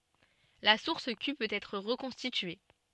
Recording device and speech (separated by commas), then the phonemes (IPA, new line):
soft in-ear microphone, read sentence
la suʁs ky pøt ɛtʁ ʁəkɔ̃stitye